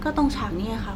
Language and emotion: Thai, neutral